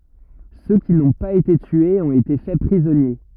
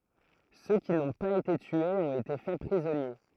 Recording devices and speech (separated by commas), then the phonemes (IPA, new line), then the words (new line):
rigid in-ear microphone, throat microphone, read sentence
sø ki nɔ̃ paz ete tyez ɔ̃t ete fɛ pʁizɔnje
Ceux qui n'ont pas été tués ont été faits prisonniers.